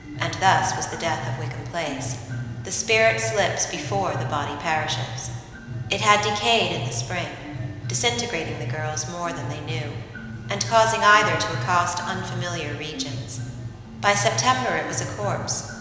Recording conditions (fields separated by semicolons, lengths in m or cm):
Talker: one person; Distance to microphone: 1.7 m; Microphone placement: close; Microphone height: 1.0 m; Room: very reverberant, large; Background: music